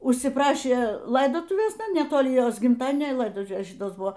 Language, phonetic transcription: Lithuanian, užsiˈprašė ˈlaidotuvės netoˈli ˈjos gimˈtadienio i ˈlaidotuvės ˈšitos ˈbuvo

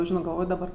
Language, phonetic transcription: Lithuanian, ˈžino galˈvoj daˈbar

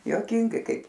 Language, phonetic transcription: Lithuanian, juoˈkingai ˈkaip

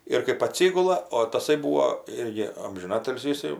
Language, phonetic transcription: Lithuanian, ir kɜp aˈtsigula o taˈsai ˈbūo ˈirgi amžiˈnatilsį iˈsai

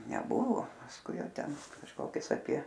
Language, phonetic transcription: Lithuanian, neˈbuvo pasˈkui ˈjau ˈten kažˈkokius apie

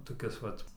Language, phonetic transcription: Lithuanian, toˈkis ˈvat

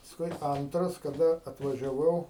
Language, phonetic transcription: Lithuanian, pasˈkui ˈantras kaˈda atvažiaˈvau

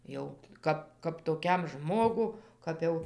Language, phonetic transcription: Lithuanian, ˈjau ˈkap kap toˈkiam ˈžmogu ˈkap jau

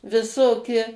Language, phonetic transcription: Lithuanian, viˈsoki

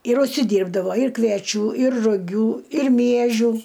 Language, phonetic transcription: Lithuanian, ir užsiˈdyrbdavo ir kvieˈčių ir ruˈgių ir ˈmiežių

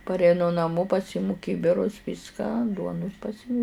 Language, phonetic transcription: Lithuanian, pareiˈnu naˈmo paˈsymu ˈkybirus ˈvyską ˈduonus paˈsymu

